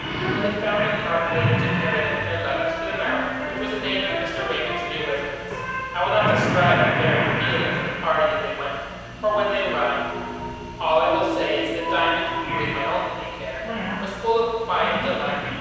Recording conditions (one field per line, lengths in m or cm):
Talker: one person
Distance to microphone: 7.1 m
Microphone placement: far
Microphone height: 1.7 m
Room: very reverberant, large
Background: television